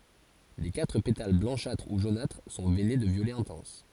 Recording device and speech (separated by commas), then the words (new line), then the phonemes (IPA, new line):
forehead accelerometer, read sentence
Les quatre pétales blanchâtres ou jaunâtres sont veinés de violet intense.
le katʁ petal blɑ̃ʃatʁ u ʒonatʁ sɔ̃ vɛne də vjolɛ ɛ̃tɑ̃s